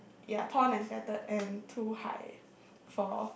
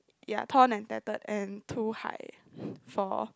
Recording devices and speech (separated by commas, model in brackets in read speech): boundary microphone, close-talking microphone, conversation in the same room